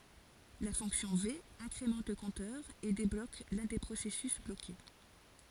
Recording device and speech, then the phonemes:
forehead accelerometer, read sentence
la fɔ̃ksjɔ̃ ve ɛ̃kʁemɑ̃t lə kɔ̃tœʁ e deblok lœ̃ de pʁosɛsys bloke

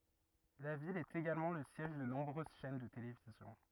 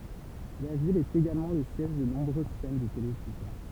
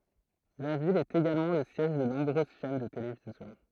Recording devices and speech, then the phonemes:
rigid in-ear microphone, temple vibration pickup, throat microphone, read sentence
la vil ɛt eɡalmɑ̃ lə sjɛʒ də nɔ̃bʁøz ʃɛn də televizjɔ̃

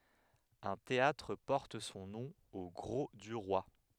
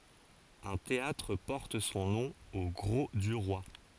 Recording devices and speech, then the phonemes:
headset microphone, forehead accelerometer, read sentence
œ̃ teatʁ pɔʁt sɔ̃ nɔ̃ o ɡʁo dy ʁwa

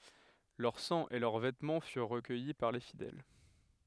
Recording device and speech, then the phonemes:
headset microphone, read sentence
lœʁ sɑ̃ e lœʁ vɛtmɑ̃ fyʁ ʁəkœji paʁ le fidɛl

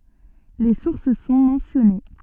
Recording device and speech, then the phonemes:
soft in-ear microphone, read sentence
le suʁs sɔ̃ mɑ̃sjɔne

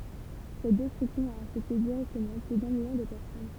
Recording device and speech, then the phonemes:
temple vibration pickup, read sentence
sɛt dɛstʁyksjɔ̃ a afɛkte diʁɛktəmɑ̃ ply dœ̃ miljɔ̃ də pɛʁsɔn

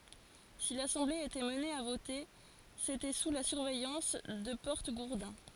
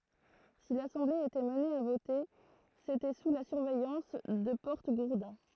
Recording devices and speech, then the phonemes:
forehead accelerometer, throat microphone, read sentence
si lasɑ̃ble etɛt amne a vote setɛ su la syʁvɛjɑ̃s də pɔʁtəɡuʁdɛ̃

